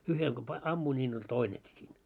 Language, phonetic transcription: Finnish, uhel ko pa- , 'ammuin ńiin ‿oĺ "toineki siin .
- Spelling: yhdellä kun - ammuin niin oli toinenkin siinä

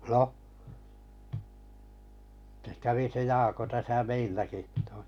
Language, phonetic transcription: Finnish, noh , se kävi se 'Jako täsä 'meilläki (to-) .
- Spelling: no se kävi se Jaakko tässä meilläkin -

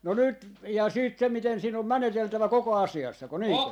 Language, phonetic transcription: Finnish, no 'nyt , jaa 'siit se 'miten siin ‿om "mäneteltävä 'koko "asi₍assako 'niiŋkö ?
- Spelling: no nyt jaa sitten se miten siinä on meneteltävä koko asiassako niinkö

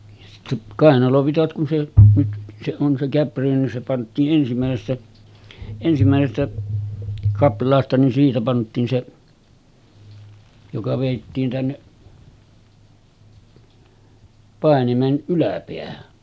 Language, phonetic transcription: Finnish, ja sittä , 'kàenalovitat kun se , nyt se on se käppyrä nin se pant̆tii’ ’ensimä̀esestä , ensimä̀esestä 'kapl̀aasta nin siitä pant̀iin se , joka vèittiin 'tänneˀ , 'pàenimen 'ˀyläpeähä .
- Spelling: ja sitten kainalovitsat kun se nyt se on se käppyrä niin se pantiin ensimmäisestä ensimmäisestä kaplaasta niin siitä pantiin se joka vedettiin tänne painimen yläpäähän

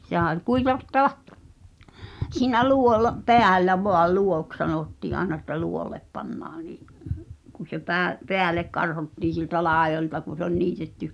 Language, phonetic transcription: Finnish, sehä ol 'kuivat- , -ta(va) , siinä 'lù̳ol- , "peällä voal̆ "luoks 'sanottii’ ’aena että "luolep 'pannaa nì’ , ku se 'pää- , "peälek karhottiin̬ sieltä 'làejolta kun̬̆ se ‿ol 'niitetty ,.
- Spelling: sehän oli - kuivattava siinä - päällä vain luo'oksi sanottiin aina että luo'olle pannaan niin kun se - päälle karhottiin sieltä laidoilta kun se oli niitetty

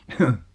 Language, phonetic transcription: Finnish, hn .
- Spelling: mm

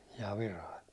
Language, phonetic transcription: Finnish, ja 'Virai ?
- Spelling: ja Virai

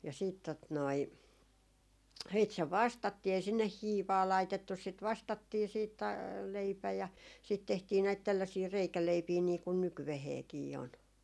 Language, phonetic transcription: Finnish, ja siit tot noi , siit se "vastattii ei sinneh "hiivaa 'laitettus sit 'vastattii siit ta- , 'leipä ja siit tehtii näit tälläsii 'reikäleipii nii kun 'nykyveheekii on .
- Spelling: ja sitten tuota noin sitten se vastattiin ei sinne hiivaa laitettu sitä vastattiin sitten - leipä ja siitä tehtiin näitä tällaisia reikäleipiä niin kuin nykyäänkin on

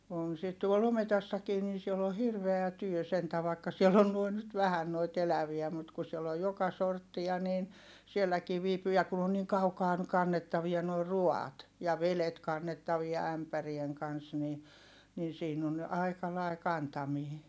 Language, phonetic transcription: Finnish, on sit tuol ‿ometassakii nin̬ siel ‿o hirveä työ sentä vàikka siell ‿on nuoin nyt vähän noit eläviä mut ku siell ‿oj joka sorttia niin , sielläkii viipyy ja kun ‿on niiŋ kaukaa , kannettavia noi ruaat , ja velet kannettavia ämpärieŋ kans ni , nin siin ‿on , ai̮ka lai̮ kantamii .
- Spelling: on sitä tuolla ometassakin niin siellä on hirveä työ sentään vaikka siellä on noin nyt vähän noita eläviä mutta kun siellä on joka sorttia niin sielläkin viipyy ja kun on niin kaukaa kannettavia nuo ruuat ja vedet kannettavia ämpärien kanssa niin niin siinä on aika lainen kantaminen

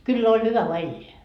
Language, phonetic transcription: Finnish, 'kyll ‿oĺ 'hyvä voa "elleä .
- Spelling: kyllä oli hyvä vain elää

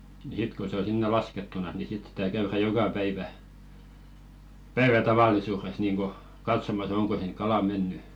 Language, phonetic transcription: Finnish, nⁱ sit ko se ‿o 'sinne "laskettunas ni 'sit sitä käyrä "joka päivä , "päivä tavallisu̳u̳§res niiŋɢo , 'katsomas 'oŋko siŋᵏ "kala 'menny .
- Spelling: niin sitten kun se on sinne laskettuna niin sitten sitä käydään joka päivä päivä tavallisuudessa niin kuin katsomassa onko sinne kala mennyt

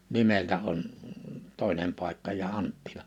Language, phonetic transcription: Finnish, 'nimeltä on , 'tòinem pàikka ja 'Anttilᴀ .
- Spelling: nimeltä on toinen paikka ja Anttila

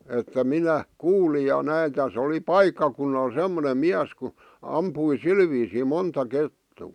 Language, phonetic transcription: Finnish, että 'minä , "kuulij ja 'näi 'täs ‿oli "paikkakunnal 'sem̆monem 'miäs ku , 'ampui "sil viisì 'monta 'kettuu .
- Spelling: että minä kuulin ja näin tässä oli paikkakunnalla semmoinen mies kun ampui sillä viisiin monta kettua

